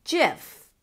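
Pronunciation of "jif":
The word 'GIF' is said here with a J sound at the start, 'jif', not with a hard G sound.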